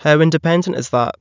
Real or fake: real